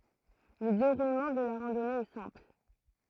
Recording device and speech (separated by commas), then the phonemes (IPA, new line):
throat microphone, read sentence
lə deʁulmɑ̃ də la ʁɑ̃dɔne ɛ sɛ̃pl